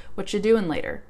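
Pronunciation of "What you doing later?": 'What you' is reduced to 'whatcha', so reduced that 'you' doesn't even sound like 'ya'.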